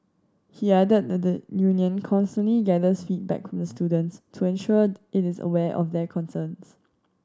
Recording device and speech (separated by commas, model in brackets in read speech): standing microphone (AKG C214), read sentence